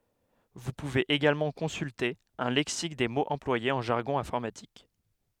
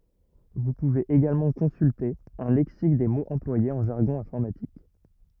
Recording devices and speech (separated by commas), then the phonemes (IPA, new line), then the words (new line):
headset microphone, rigid in-ear microphone, read sentence
vu puvez eɡalmɑ̃ kɔ̃sylte œ̃ lɛksik de moz ɑ̃plwajez ɑ̃ ʒaʁɡɔ̃ ɛ̃fɔʁmatik
Vous pouvez également consulter un lexique des mots employés en jargon informatique.